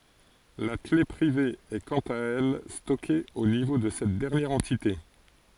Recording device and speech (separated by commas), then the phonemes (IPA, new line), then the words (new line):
forehead accelerometer, read sentence
la kle pʁive ɛ kɑ̃t a ɛl stɔke o nivo də sɛt dɛʁnjɛʁ ɑ̃tite
La clef privée est quant à elle stockée au niveau de cette dernière entité.